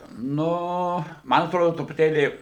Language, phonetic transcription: Lithuanian, ˈnu ˈman atˈrodo trupuˈtėlį

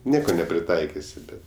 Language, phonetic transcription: Lithuanian, ˈnieko nepriˈtaikisi ˈbet

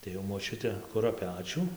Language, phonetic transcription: Lithuanian, tai jau moˈčiute ˈkura ˈpečiu

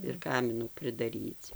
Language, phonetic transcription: Lithuanian, ir ˈkaminų pridaˈryc

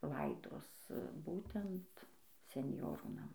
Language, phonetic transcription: Lithuanian, ˈlaidos ˈbūtent senˈjorų naˈmai

